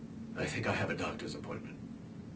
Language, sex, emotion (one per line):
English
male
neutral